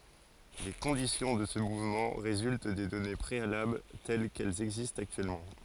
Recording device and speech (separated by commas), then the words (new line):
forehead accelerometer, read sentence
Les conditions de ce mouvement résultent des données préalables telles qu’elles existent actuellement.